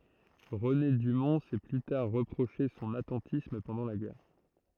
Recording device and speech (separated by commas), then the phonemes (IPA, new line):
throat microphone, read sentence
ʁəne dymɔ̃ sɛ ply taʁ ʁəpʁoʃe sɔ̃n atɑ̃tism pɑ̃dɑ̃ la ɡɛʁ